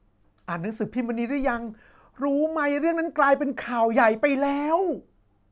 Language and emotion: Thai, happy